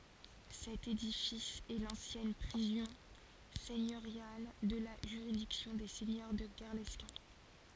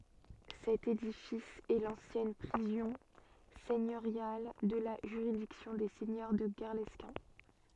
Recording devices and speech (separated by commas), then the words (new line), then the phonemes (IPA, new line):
forehead accelerometer, soft in-ear microphone, read sentence
Cet édifice est l'ancienne prison seigneuriale de la juridiction des seigneurs de Guerlesquin.
sɛt edifis ɛ lɑ̃sjɛn pʁizɔ̃ sɛɲøʁjal də la ʒyʁidiksjɔ̃ de sɛɲœʁ də ɡɛʁlɛskɛ̃